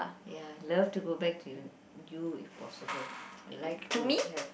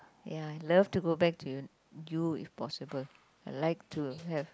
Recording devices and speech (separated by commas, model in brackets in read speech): boundary microphone, close-talking microphone, conversation in the same room